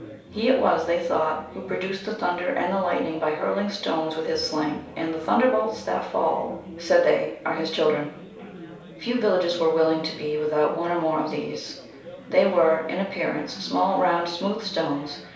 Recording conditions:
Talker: one person; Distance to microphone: 3.0 m; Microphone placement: far; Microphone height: 1.8 m; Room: small (3.7 m by 2.7 m); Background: babble

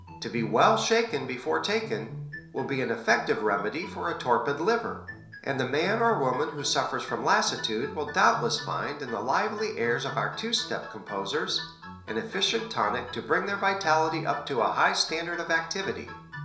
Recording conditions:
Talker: one person; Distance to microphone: 1.0 m; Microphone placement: close; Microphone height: 1.1 m; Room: small (3.7 m by 2.7 m); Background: music

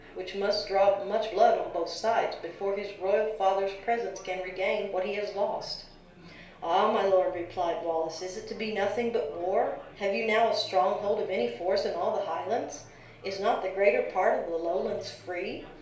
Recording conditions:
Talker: one person; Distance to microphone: 1.0 m; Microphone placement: close; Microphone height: 1.1 m; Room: small (3.7 m by 2.7 m); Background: babble

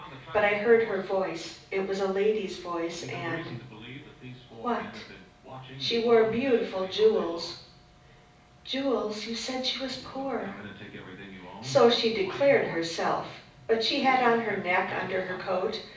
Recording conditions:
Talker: one person; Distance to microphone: 5.8 m; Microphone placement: far; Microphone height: 1.8 m; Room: medium-sized (5.7 m by 4.0 m); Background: television

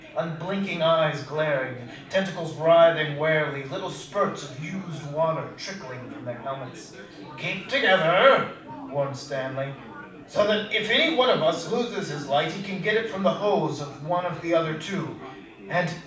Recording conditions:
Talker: one person; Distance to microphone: 5.8 m; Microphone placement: far; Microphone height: 1.8 m; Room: medium-sized (5.7 m by 4.0 m); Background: babble

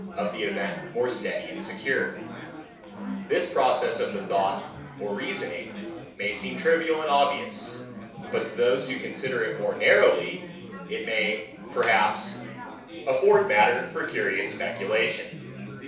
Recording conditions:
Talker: one person; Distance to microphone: 3.0 m; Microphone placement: far; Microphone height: 1.8 m; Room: small (3.7 m by 2.7 m); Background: babble

